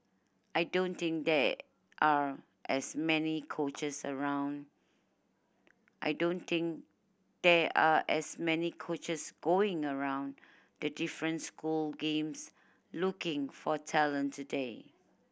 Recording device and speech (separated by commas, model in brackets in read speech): boundary microphone (BM630), read sentence